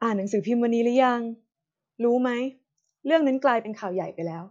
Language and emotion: Thai, neutral